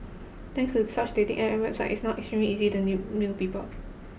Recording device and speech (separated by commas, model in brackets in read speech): boundary microphone (BM630), read sentence